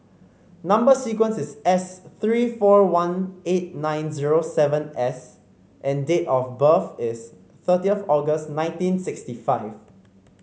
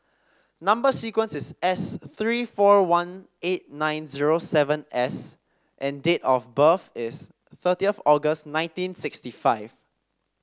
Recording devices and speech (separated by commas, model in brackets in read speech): mobile phone (Samsung C5), standing microphone (AKG C214), read sentence